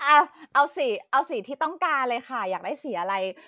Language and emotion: Thai, happy